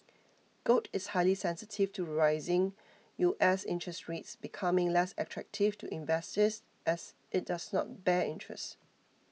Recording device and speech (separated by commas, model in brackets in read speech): mobile phone (iPhone 6), read sentence